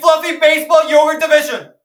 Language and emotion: English, sad